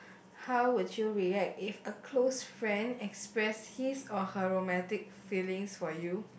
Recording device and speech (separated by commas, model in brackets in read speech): boundary microphone, conversation in the same room